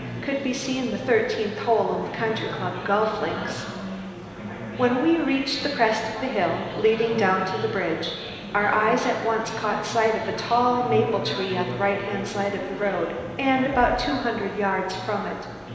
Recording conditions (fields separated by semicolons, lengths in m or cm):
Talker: one person; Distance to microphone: 1.7 m; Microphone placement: close; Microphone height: 1.0 m; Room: very reverberant, large; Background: babble